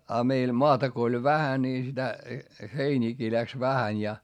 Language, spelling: Finnish, ja meillä maata kun oli vähän niin sitä heiniäkin lähti vähän ja
- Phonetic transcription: a meil moata ko oĺ vähä nii sitä , heiniikii läks vähäń ja ,.

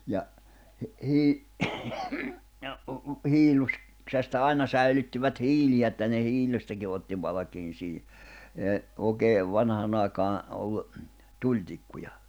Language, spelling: Finnish, ja - - ja - hiilloksesta aina säilyttivät hiiliä että ne hiilestäkin otti valkean siihen ei oikein vanhaan aikaan ollut tulitikkuja
- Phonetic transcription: ja , hi- , hii- , ja , 'hiilus , -ksesta 'aina 'säilyttivät 'hiiliä että ne 'hiilestäki otti valᵃkiin siihi , ee , 'òekee , 'vanhàn ‿àikaan̬ , 'ollu , 'tuĺtikkuja .

